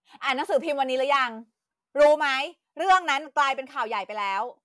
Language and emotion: Thai, angry